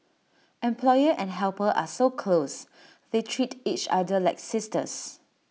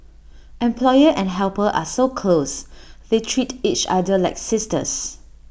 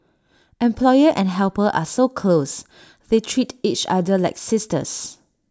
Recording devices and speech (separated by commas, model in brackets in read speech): mobile phone (iPhone 6), boundary microphone (BM630), standing microphone (AKG C214), read sentence